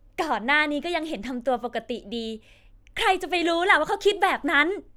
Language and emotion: Thai, happy